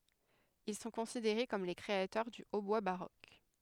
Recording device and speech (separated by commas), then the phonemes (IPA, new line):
headset microphone, read sentence
il sɔ̃ kɔ̃sideʁe kɔm le kʁeatœʁ dy otbwa baʁok